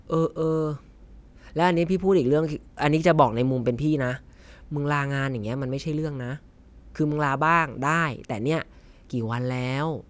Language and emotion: Thai, frustrated